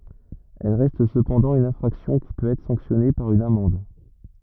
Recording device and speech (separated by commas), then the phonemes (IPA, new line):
rigid in-ear microphone, read sentence
ɛl ʁɛst səpɑ̃dɑ̃ yn ɛ̃fʁaksjɔ̃ ki pøt ɛtʁ sɑ̃ksjɔne paʁ yn amɑ̃d